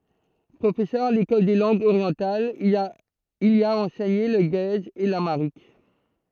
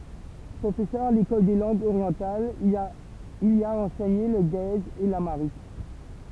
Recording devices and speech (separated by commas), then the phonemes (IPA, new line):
throat microphone, temple vibration pickup, read sentence
pʁofɛsœʁ a lekɔl de lɑ̃ɡz oʁjɑ̃talz il i a ɑ̃sɛɲe lə ɡɛz e lamaʁik